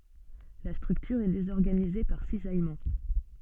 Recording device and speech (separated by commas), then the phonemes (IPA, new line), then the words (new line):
soft in-ear microphone, read sentence
la stʁyktyʁ ɛ dezɔʁɡanize paʁ sizajmɑ̃
La structure est désorganisée par cisaillement.